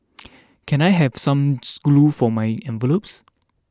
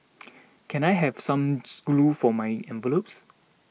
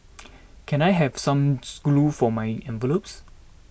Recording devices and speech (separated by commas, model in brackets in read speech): standing microphone (AKG C214), mobile phone (iPhone 6), boundary microphone (BM630), read sentence